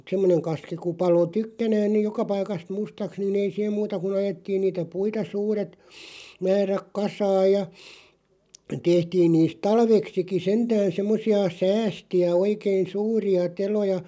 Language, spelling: Finnish, että semmoinen kaski kun paloi tykkänään niin joka paikasta mustaksi niin ei siihen muuta kuin ajettiin niitä puita suuret määrät kasaan ja tehtiin niistä talveksikin sentään semmoisia säästejä oikein suuria teloja
- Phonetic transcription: ᴍᴜt "semmoneŋ kaski ku 'palo "tykkänään nìʲ "joka 'paikast "mustaks ni'n ‿ei siʰem "muuta kun 'ajettiin niitä 'puita 'suuret , 'määräk "kasaaj ja , 'tehtiin niist "talveksiki 'sentään̬ 'semmosi₍a "säästi₍ä 'oikein̬ "suuri₍a "teloja ,.

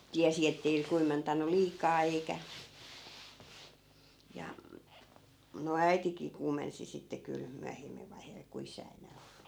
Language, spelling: Finnish, tiesi että ei kuumentanut liikaa eikä ja no äitikin kuumensi sitten kyllä myöhemmän vaiheella kun isää enää ollut
- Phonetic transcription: 'tiäsi ettei 'kuumentan̆nul "liikaa eikä , ja , no "äitikii 'kuumensi sitte 'kyl , 'myähemm(äv) vaiheel ku 'isää 'enää ollu .

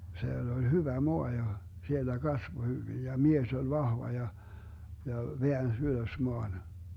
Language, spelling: Finnish, siellä oli hyvä maa ja siellä kasvoi hyvin ja mies oli vahva ja ja väänsi ylös maan
- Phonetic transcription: 'siell ‿oĺ 'hyvä "moa ja , 'siellä "kasvo 'hyvij ja "mies ol 'vahva ja , ja 'veäns "ylös 'moan .

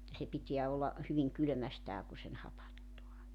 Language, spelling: Finnish, että se pitää olla hyvin kylmästään kun sen hapattaa
- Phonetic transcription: (että) se 'pitiä olla , 'hyviŋ 'kylᵒ̈mästää ku sen 'hapattoa .

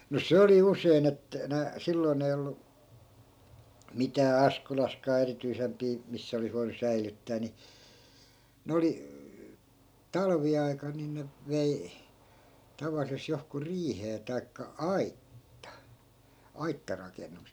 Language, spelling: Finnish, no se oli usein - - silloin ei ollut mitään Askolassakaan erityisempiä missä olisi voinut säilyttää niin ne oli talviaikana niin ne vei tavallisesti johonkuhun riiheen tai - aittarakennukseen
- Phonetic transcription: no 'se oli 'usein ‿et- , nä , 'silloi̮n ‿ei ollu , 'mitää 'askolaskaa erityisempii , 'missä olis voinu 'säilyttää ni , 'ne oli , 'talvi₍ai̮kan nin ne , 'vei , 'tavallises johku "riihee tai̮kka "aitta , 'aittarakennuk .

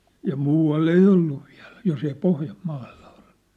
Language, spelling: Finnish, ja muualla ei ollut vielä jos ei Pohjanmaalla ollut
- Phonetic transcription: ja "muu₍al'l ‿ei "ollu viä̭l , jos ‿ei 'Pohjam'maalʟᴀ ᴏʟʟᴜ .

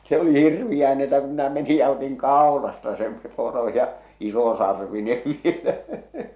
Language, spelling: Finnish, se oli hirveää niin että kun minä menin ja otin kaulasta sen poro ja isosarvinen vielä
- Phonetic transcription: se oli 'hirviʲää ni että ku minä meni ja otiŋ "kàolasta sem , poro ja , 'iso'sarvinev vielä .

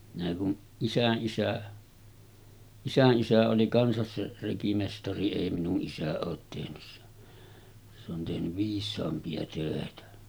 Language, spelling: Finnish, minä kun isänisä isänisä oli kanssa se rekimestari ei minun isä ole tehnyt se se on tehnyt viisaampia töitä
- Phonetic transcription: minä kun , 'isäˀˀisä , 'isänˀisä oli 'kansas se rekimestari 'èi minu’ ’isä oot tehnys se , se ‿on tehnyv 'viis̆saampi₍a tö̀etä .

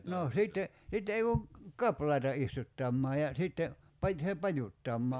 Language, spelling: Finnish, no sitten sitten ei kun kaplaita istuttamaan ja sitten - se pajuttamaan
- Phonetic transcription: noo 'sìtte , 'sitte ei kuŋ , "kaplaita 'istuttammaa ja , 'sitte , paj- se 'pajuttammaa ,.

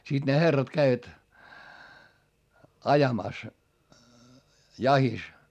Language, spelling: Finnish, sitten ne herrat kävivät ajamassa jahdissa
- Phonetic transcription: sìt ne herrat käivät , ajamàs , jahis .

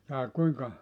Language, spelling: Finnish, jaa kuinka
- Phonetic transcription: jaa 'kuiŋka ?

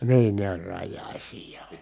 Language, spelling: Finnish, niin ne oli rajaisia ja
- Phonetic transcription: niin ne oĺ rajjài̮s̀ii ja ,.

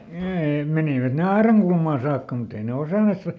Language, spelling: Finnish, niin menivät ne aidankulmaan saakka mutta ei ne osanneet sitten vain
- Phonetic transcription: ˈnii , ˈmenivät ˈne "aeraŋkulmaa saakka muˈt ‿ei ne ˈosanne sⁱt va ,.

